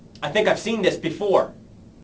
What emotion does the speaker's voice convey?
neutral